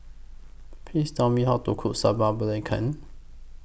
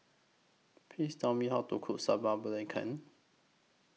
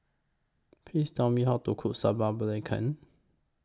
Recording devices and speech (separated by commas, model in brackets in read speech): boundary microphone (BM630), mobile phone (iPhone 6), close-talking microphone (WH20), read sentence